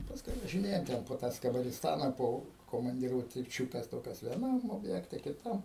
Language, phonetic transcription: Lithuanian, pasˈkui važiˈnėjom ˈten po ˈtą skabarisˈtana ˈpo komandiruotiˈčiukes ˈtokias vieˈnam obˈjekte kiˈtam

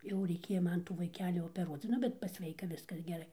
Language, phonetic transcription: Lithuanian, jau reiˈkėja ˈman vaiˈkeli opeˈruoc ˈnu bet pasˈveika ˈviskas geˈrai

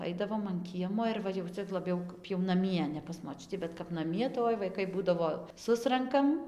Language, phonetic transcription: Lithuanian, ˈaidavom an ˈkiemo ir ˈva jau ˈcia laˈbiau kap jau naˈmie ne pas moˈčiutį bet kap naˈmie tai ˈoi vaiˈkai ˈbūdavo ˈsurankam

